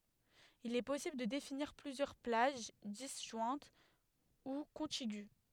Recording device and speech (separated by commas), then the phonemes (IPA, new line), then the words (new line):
headset microphone, read sentence
il ɛ pɔsibl də definiʁ plyzjœʁ plaʒ dizʒwɛ̃t u kɔ̃tiɡy
Il est possible de définir plusieurs plages, disjointes ou contiguës.